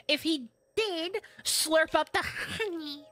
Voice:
Funny Voice